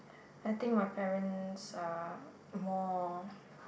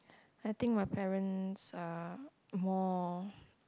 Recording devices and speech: boundary microphone, close-talking microphone, conversation in the same room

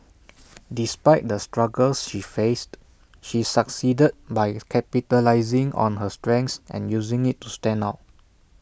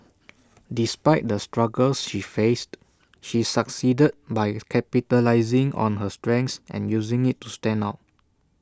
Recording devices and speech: boundary microphone (BM630), standing microphone (AKG C214), read sentence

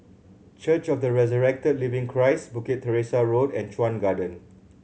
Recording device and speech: mobile phone (Samsung C7100), read sentence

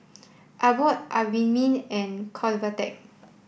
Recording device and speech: boundary microphone (BM630), read sentence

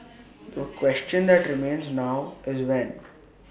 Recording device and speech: boundary microphone (BM630), read sentence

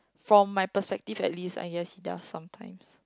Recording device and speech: close-talking microphone, conversation in the same room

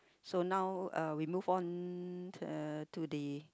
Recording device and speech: close-talking microphone, conversation in the same room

